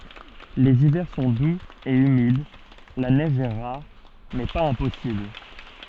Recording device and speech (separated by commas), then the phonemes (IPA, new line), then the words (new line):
soft in-ear microphone, read sentence
lez ivɛʁ sɔ̃ duz e ymid la nɛʒ ɛ ʁaʁ mɛ paz ɛ̃pɔsibl
Les hivers sont doux et humides, la neige est rare mais pas impossible.